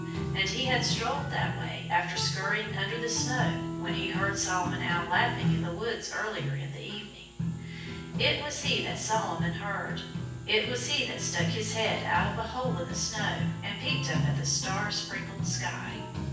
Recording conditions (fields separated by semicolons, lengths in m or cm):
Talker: one person; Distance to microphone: 9.8 m; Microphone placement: far; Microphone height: 1.8 m; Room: large; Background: music